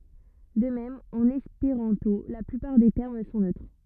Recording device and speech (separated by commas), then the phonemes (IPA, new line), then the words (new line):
rigid in-ear microphone, read sentence
də mɛm ɑ̃n ɛspeʁɑ̃to la plypaʁ de tɛʁm sɔ̃ nøtʁ
De même en espéranto, la plupart des termes sont neutres.